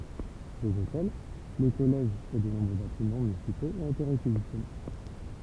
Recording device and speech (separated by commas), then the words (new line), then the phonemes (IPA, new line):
temple vibration pickup, read sentence
Les hôtels, le collège et de nombreux bâtiments municipaux ont été réquisitionnés.
lez otɛl lə kɔlɛʒ e də nɔ̃bʁø batimɑ̃ mynisipoz ɔ̃t ete ʁekizisjɔne